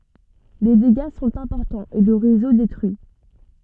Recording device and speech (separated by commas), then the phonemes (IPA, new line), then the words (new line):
soft in-ear microphone, read sentence
le deɡa sɔ̃t ɛ̃pɔʁtɑ̃z e lə ʁezo detʁyi
Les dégâts sont importants et le réseau détruit.